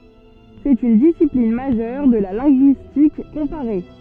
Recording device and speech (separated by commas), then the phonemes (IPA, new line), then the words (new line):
soft in-ear microphone, read sentence
sɛt yn disiplin maʒœʁ də la lɛ̃ɡyistik kɔ̃paʁe
C'est une discipline majeure de la linguistique comparée.